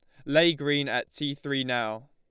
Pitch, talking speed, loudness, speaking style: 140 Hz, 200 wpm, -27 LUFS, Lombard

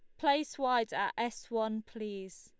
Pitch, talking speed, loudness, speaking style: 225 Hz, 165 wpm, -34 LUFS, Lombard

